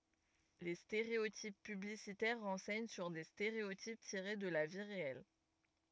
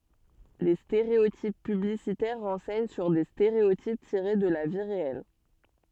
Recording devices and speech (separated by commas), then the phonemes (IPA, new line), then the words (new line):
rigid in-ear microphone, soft in-ear microphone, read sentence
le steʁeotip pyblisitɛʁ ʁɑ̃sɛɲ syʁ de steʁeotip tiʁe də la vi ʁeɛl
Les stéréotypes publicitaires renseignent sur des stéréotypes tirés de la vie réelle.